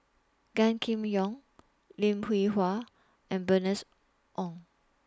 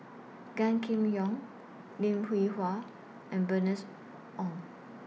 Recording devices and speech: standing microphone (AKG C214), mobile phone (iPhone 6), read sentence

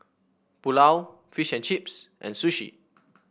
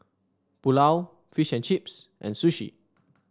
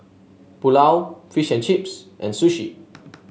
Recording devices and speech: boundary microphone (BM630), standing microphone (AKG C214), mobile phone (Samsung S8), read sentence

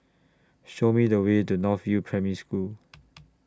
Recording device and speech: standing microphone (AKG C214), read sentence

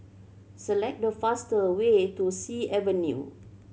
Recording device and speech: mobile phone (Samsung C7100), read sentence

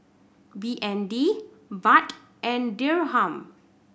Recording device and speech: boundary microphone (BM630), read sentence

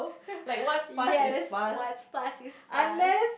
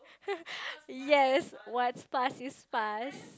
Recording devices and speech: boundary microphone, close-talking microphone, conversation in the same room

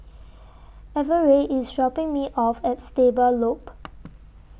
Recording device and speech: boundary microphone (BM630), read sentence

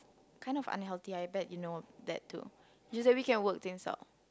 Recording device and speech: close-talking microphone, conversation in the same room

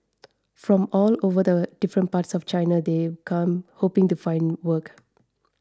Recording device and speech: standing microphone (AKG C214), read sentence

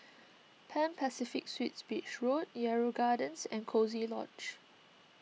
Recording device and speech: mobile phone (iPhone 6), read sentence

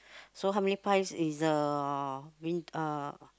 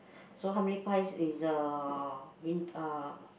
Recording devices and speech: close-talking microphone, boundary microphone, conversation in the same room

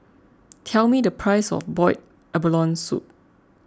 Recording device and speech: close-talking microphone (WH20), read sentence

